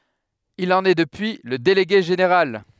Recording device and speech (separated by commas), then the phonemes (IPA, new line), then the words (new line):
headset microphone, read sentence
il ɑ̃n ɛ dəpyi lə deleɡe ʒeneʁal
Il en est depuis le délégué général.